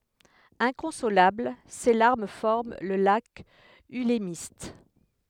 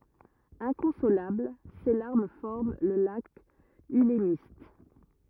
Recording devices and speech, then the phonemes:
headset microphone, rigid in-ear microphone, read sentence
ɛ̃kɔ̃solabl se laʁm fɔʁm lə lak ylmist

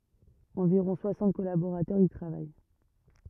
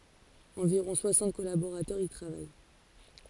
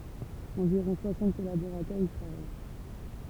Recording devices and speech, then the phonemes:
rigid in-ear microphone, forehead accelerometer, temple vibration pickup, read sentence
ɑ̃viʁɔ̃ swasɑ̃t kɔlaboʁatœʁz i tʁavaj

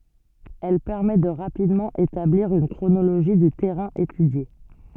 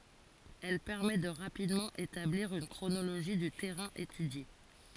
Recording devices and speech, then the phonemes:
soft in-ear microphone, forehead accelerometer, read sentence
ɛl pɛʁmɛ də ʁapidmɑ̃ etabliʁ yn kʁonoloʒi dy tɛʁɛ̃ etydje

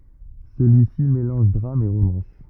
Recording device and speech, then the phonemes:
rigid in-ear microphone, read sentence
səlyisi melɑ̃ʒ dʁam e ʁomɑ̃s

